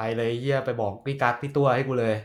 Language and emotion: Thai, frustrated